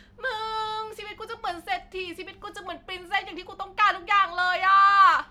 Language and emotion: Thai, happy